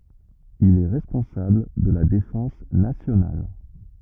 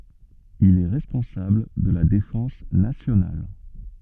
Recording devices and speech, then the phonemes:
rigid in-ear microphone, soft in-ear microphone, read sentence
il ɛ ʁɛspɔ̃sabl də la defɑ̃s nasjonal

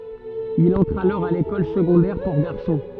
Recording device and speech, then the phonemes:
soft in-ear microphone, read sentence
il ɑ̃tʁ alɔʁ a lekɔl səɡɔ̃dɛʁ puʁ ɡaʁsɔ̃

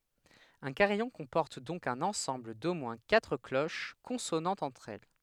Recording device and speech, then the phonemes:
headset microphone, read sentence
œ̃ kaʁijɔ̃ kɔ̃pɔʁt dɔ̃k œ̃n ɑ̃sɑ̃bl do mwɛ̃ katʁ kloʃ kɔ̃sonɑ̃tz ɑ̃tʁ ɛl

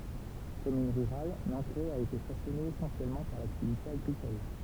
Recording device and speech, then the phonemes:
temple vibration pickup, read sentence
kɔmyn ʁyʁal nɑ̃kʁɛ a ete fasɔne esɑ̃sjɛlmɑ̃ paʁ laktivite aɡʁikɔl

